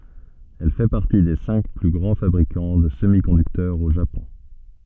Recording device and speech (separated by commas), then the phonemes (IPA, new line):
soft in-ear microphone, read sentence
ɛl fɛ paʁti de sɛ̃k ply ɡʁɑ̃ fabʁikɑ̃ də səmikɔ̃dyktœʁz o ʒapɔ̃